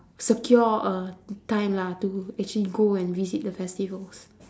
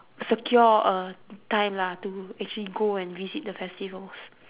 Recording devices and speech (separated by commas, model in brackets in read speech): standing microphone, telephone, conversation in separate rooms